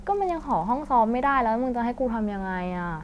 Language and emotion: Thai, frustrated